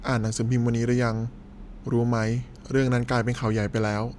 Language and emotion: Thai, neutral